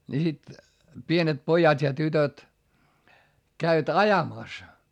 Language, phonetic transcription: Finnish, ni sit , pienet pojat́ ja tytöt , käivät ajamàs .
- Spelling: niin sitten pienet pojat ja tytöt kävivät ajamassa

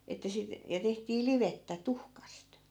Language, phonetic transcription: Finnish, että sit , ja 'tehtii "livettä 'tuhkast .
- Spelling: että sitten ja tehtiin livettä tuhkasta

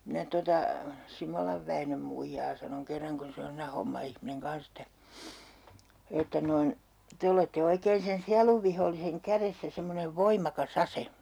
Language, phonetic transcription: Finnish, 'minä tota , 'Simolav Väinöm muijaa sanoŋ 'kerraŋ kun 'se on siinä 'homma₍ihmineŋ 'kans ‿että , 'että noin , » 'te olette 'oikeen sen "sialuvviholliseŋ "käressä 'semmonev 'voim̆maka"s ‿ase .
- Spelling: minä tuota Simolan Väinön muijaa sanoin kerran kun se on siinä hommaihminen kanssa että että noin te olette oikein sen sielunvihollisen kädessä semmoinen voimakas ase

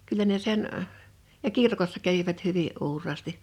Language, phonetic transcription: Finnish, kyl̆lä ne 'sen əʰ , ja "kirkossa kävivät 'hyvi’ '’uur̀aasti .
- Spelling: kyllä ne sen - ja kirkossa kävivät hyvin uuraasti

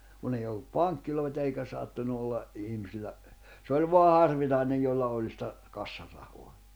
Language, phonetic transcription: Finnish, kun ‿ei ollup "paŋkkilòita eikä 'sattunu olla , 'ihmisillä , s ‿oĺ voa 'harvinàinej jolla oĺ sⁱtä , 'kassarahoa .
- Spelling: kun ei ollut pankkeja eikä sattunut olla ihmisillä se oli vain harvinainen jolla oli sitä kassarahaa

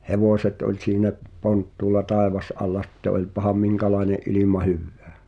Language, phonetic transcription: Finnish, hevòśet ’oĺ siinä’ , 'ponttuula "tàevas’alla sᴵtte oĺpaham "miŋka̳laene’ ’ilìma "hyvvää .
- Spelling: hevoset oli siinä ponttuulla taivasalla sitten olipahan minkälainen ilma hyvänsä

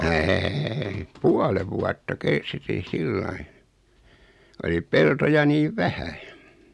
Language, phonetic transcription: Finnish, êi , "puale 'vuatta "(kesti) 'sillai , oli 'peltoja 'niiv "vähä .
- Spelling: ei puolen vuotta kesti sillä lailla oli peltoja niin vähän

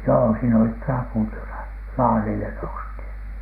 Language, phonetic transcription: Finnish, joo siin ‿olit "traput ylä- , "laarile nousthìn .
- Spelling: joo siinä olivat raput - ylälaarille noustiin

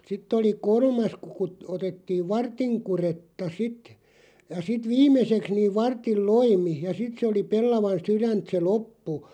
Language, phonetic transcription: Finnish, 'sitt ‿oli "kor̳§mas ku kut- 'otettiiv "vartiŋ 'kuretta "sit , ja 'sit "vim̆meseks niiv 'varttil "loimi ja 'sit se oli 'pellavan "syränt se "loppu .
- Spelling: sitten oli kolmas kun - otettiin vartin kudetta sitten ja sitten viimeiseksi niin vartin loimi ja sitten se oli pellavan sydäntä se loppu

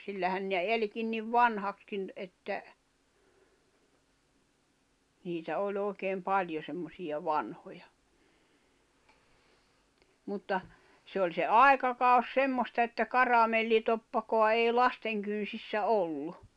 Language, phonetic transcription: Finnish, sillähän ne 'eĺkin niv "vanhakskin , että , niitä 'oĺ 'òi̬keem "paĺjo semmosiʲa "vanhoja , mutta , se oĺ se "ai̬kakau̬s 'semmosta että "karamellitoppakoa ei "lasteŋ kyn̬sissä "ollu .
- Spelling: sillähän ne elikin niin vanhaksikin että niitä oli oikein paljon semmoisia vanhoja mutta se oli se aikakausi semmoista että karamellitoppaa ei lasten kynsissä ollut

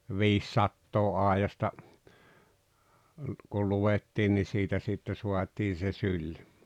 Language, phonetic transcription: Finnish, viissattoo 'àejasta , ku 'luwettiin ni 'siitä sitte 'suatii se "syĺ .
- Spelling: viisisataa aidasta kun luettiin niin siitä sitten saatiin se syli

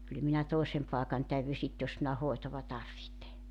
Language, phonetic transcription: Finnish, 'kyl minä 'tòesem pàekan 'täyvy sit jos minä 'hoetova 'tarvihte .
- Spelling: kyllä minä toisen paikan täydyn sitten jos minä hoitoa tarvitsen

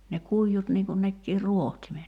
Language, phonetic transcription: Finnish, ne 'kuijjut niŋ kun nekkii "ruohtimet .
- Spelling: ne kuidut niin kuin nekin rohtimet

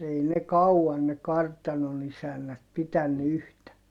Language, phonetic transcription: Finnish, ei ne kau₍an ne kartanon ‿isännät pitänny yhtä .
- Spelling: ei ne kauan ne kartanon isännät pitänyt yhtä

